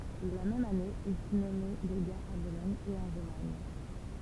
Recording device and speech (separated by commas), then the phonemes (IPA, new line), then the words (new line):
temple vibration pickup, read sentence
la mɛm ane il fy nɔme leɡa a bolɔɲ e ɑ̃ ʁomaɲ
La même année, il fut nommé légat à Bologne et en Romagne.